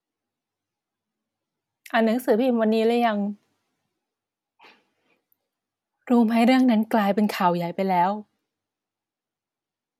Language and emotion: Thai, sad